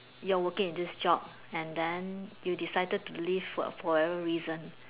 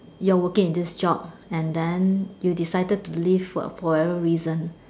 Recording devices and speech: telephone, standing microphone, conversation in separate rooms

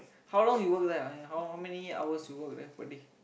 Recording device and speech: boundary microphone, conversation in the same room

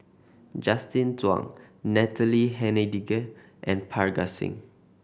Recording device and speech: boundary microphone (BM630), read sentence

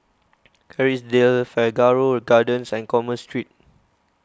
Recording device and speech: close-talking microphone (WH20), read sentence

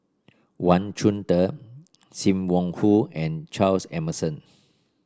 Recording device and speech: standing microphone (AKG C214), read sentence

